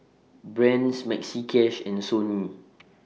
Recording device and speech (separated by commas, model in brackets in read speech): mobile phone (iPhone 6), read sentence